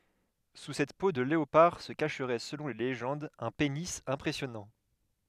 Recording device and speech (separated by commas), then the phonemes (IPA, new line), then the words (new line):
headset microphone, read sentence
su sɛt po də leopaʁ sə kaʃʁɛ səlɔ̃ le leʒɑ̃dz œ̃ peni ɛ̃pʁɛsjɔnɑ̃
Sous cette peau de léopard se cacherait selon les légendes, un pénis impressionnant.